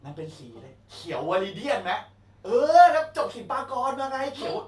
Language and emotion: Thai, happy